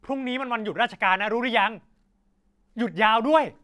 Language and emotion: Thai, angry